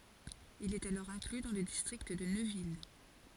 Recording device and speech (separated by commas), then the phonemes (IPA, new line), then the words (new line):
forehead accelerometer, read sentence
il ɛt alɔʁ ɛ̃kly dɑ̃ lə distʁikt də nøvil
Il est alors inclus dans le district de Neuville.